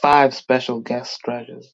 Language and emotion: English, angry